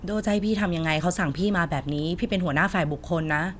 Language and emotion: Thai, frustrated